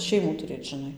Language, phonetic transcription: Lithuanian, ˈšeimų tuˈrėt žiˈnai

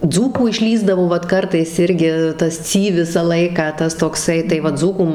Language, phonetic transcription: Lithuanian, ˈdzūkų išˈlįsdavo ˈvat ˈkartais ˈirgi ˈtas ˈcy ˈvisą ˈlaiką ˈtas tokˈsai tai ˈva ˈdzūkų

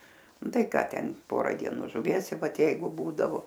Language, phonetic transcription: Lithuanian, ˈnu ˈtai ˈką ˈten ˈpora dieˈnų žuˈvies i ˈvat ˈjeigu ˈbūdavo

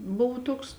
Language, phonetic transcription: Lithuanian, ˈbuv ˈtuoks

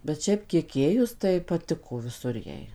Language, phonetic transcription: Lithuanian, bet ˈšiaip kiek ˈėjus tai paˈtiko viˈsur ˈjai

